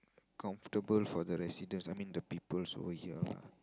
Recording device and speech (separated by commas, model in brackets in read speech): close-talking microphone, conversation in the same room